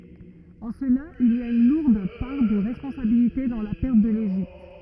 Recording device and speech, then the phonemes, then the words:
rigid in-ear microphone, read sentence
ɑ̃ səla il a yn luʁd paʁ də ʁɛspɔ̃sabilite dɑ̃ la pɛʁt də leʒipt
En cela, il a une lourde part de responsabilité dans la perte de l'Égypte.

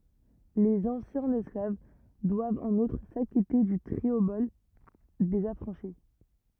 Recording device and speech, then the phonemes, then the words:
rigid in-ear microphone, read sentence
lez ɑ̃sjɛ̃z ɛsklav dwavt ɑ̃n utʁ sakite dy tʁiobɔl dez afʁɑ̃ʃi
Les anciens esclaves doivent en outre s'acquitter du triobole des affranchis.

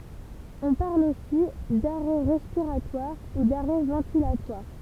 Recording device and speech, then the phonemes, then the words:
temple vibration pickup, read sentence
ɔ̃ paʁl osi daʁɛ ʁɛspiʁatwaʁ u daʁɛ vɑ̃tilatwaʁ
On parle aussi d'arrêt respiratoire ou d'arrêt ventilatoire.

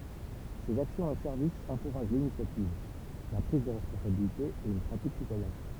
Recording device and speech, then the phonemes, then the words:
temple vibration pickup, read sentence
sez aksjɔ̃z e sɛʁvisz ɑ̃kuʁaʒ linisjativ la pʁiz də ʁɛspɔ̃sabilite e yn pʁatik sitwajɛn
Ses actions et services encouragent l’initiative, la prise de responsabilité et une pratique citoyenne.

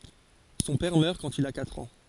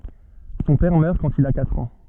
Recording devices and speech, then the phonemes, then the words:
forehead accelerometer, soft in-ear microphone, read sentence
sɔ̃ pɛʁ mœʁ kɑ̃t il a katʁ ɑ̃
Son père meurt quand il a quatre ans.

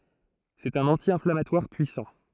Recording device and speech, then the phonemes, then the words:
throat microphone, read sentence
sɛt œ̃n ɑ̃tjɛ̃flamatwaʁ pyisɑ̃
C'est un anti-inflammatoire puissant.

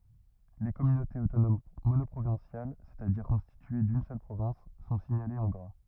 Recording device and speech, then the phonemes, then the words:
rigid in-ear microphone, read sentence
le kɔmynotez otonom monɔpʁovɛ̃sjal sɛstadiʁ kɔ̃stitye dyn sœl pʁovɛ̃s sɔ̃ siɲalez ɑ̃ ɡʁa
Les communautés autonomes monoprovinciales, c'est-à-dire constituées d'une seule province, sont signalées en gras.

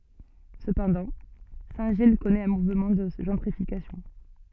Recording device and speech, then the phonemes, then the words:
soft in-ear microphone, read sentence
səpɑ̃dɑ̃ sɛ̃tʒij kɔnɛt œ̃ muvmɑ̃ də ʒɑ̃tʁifikasjɔ̃
Cependant, Saint-Gilles connaît un mouvement de gentrification.

